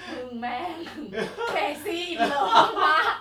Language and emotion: Thai, happy